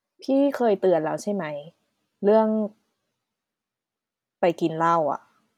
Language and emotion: Thai, frustrated